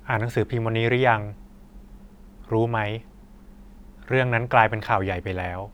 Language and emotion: Thai, neutral